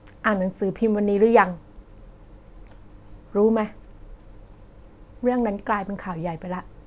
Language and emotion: Thai, frustrated